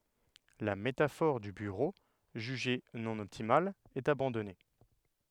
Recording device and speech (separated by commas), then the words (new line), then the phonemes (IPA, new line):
headset microphone, read sentence
La métaphore du bureau, jugée non optimale, est abandonnée.
la metafɔʁ dy byʁo ʒyʒe nɔ̃ ɔptimal ɛt abɑ̃dɔne